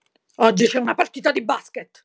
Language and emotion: Italian, angry